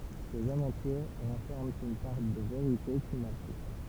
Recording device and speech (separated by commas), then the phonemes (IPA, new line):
temple vibration pickup, read sentence
sez avɑ̃tyʁ ʁɑ̃fɛʁmɑ̃ yn paʁ də veʁite ki ma ply